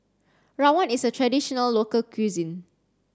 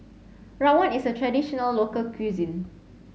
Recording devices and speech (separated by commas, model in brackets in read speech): standing microphone (AKG C214), mobile phone (Samsung C7), read sentence